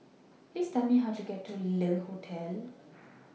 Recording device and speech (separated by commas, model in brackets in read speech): mobile phone (iPhone 6), read sentence